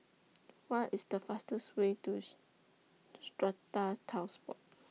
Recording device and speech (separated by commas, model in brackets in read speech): mobile phone (iPhone 6), read sentence